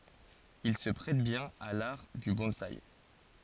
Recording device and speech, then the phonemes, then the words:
forehead accelerometer, read sentence
il sə pʁɛt bjɛ̃n a laʁ dy bɔ̃saj
Il se prête bien à l'art du bonsaï.

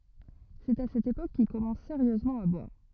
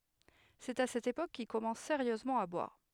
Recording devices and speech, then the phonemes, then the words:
rigid in-ear microphone, headset microphone, read sentence
sɛt a sɛt epok kil kɔmɑ̃s seʁjøzmɑ̃ a bwaʁ
C’est à cette époque qu’il commence sérieusement à boire.

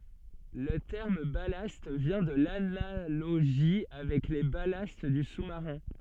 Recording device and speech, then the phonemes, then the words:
soft in-ear microphone, read sentence
lə tɛʁm balast vjɛ̃ də lanaloʒi avɛk le balast dy susmaʁɛ̃
Le terme ballast vient de l'analogie avec les ballasts du sous-marin.

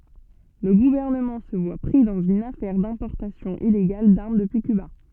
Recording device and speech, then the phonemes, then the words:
soft in-ear microphone, read sentence
lə ɡuvɛʁnəmɑ̃ sə vwa pʁi dɑ̃z yn afɛʁ dɛ̃pɔʁtasjɔ̃ ileɡal daʁm dəpyi kyba
Le gouvernement se voit pris dans une affaire d'importation illégale d'armes depuis Cuba.

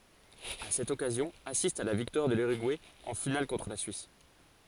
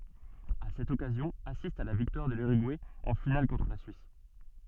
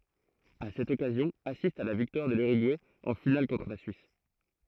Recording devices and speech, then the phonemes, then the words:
forehead accelerometer, soft in-ear microphone, throat microphone, read sentence
a sɛt ɔkazjɔ̃ asistt a la viktwaʁ də lyʁyɡuɛ ɑ̃ final kɔ̃tʁ la syis
À cette occasion, assistent à la victoire de l'Uruguay en finale contre la Suisse.

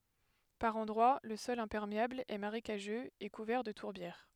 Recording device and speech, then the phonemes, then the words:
headset microphone, read sentence
paʁ ɑ̃dʁwa lə sɔl ɛ̃pɛʁmeabl ɛ maʁekaʒøz e kuvɛʁ də tuʁbjɛʁ
Par endroits le sol imperméable est marécageux et couvert de tourbières.

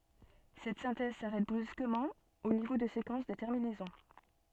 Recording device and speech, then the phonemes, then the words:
soft in-ear microphone, read sentence
sɛt sɛ̃tɛz saʁɛt bʁyskəmɑ̃ o nivo də sekɑ̃s də tɛʁminɛzɔ̃
Cette synthèse s'arrête brusquement au niveau de séquences de terminaison.

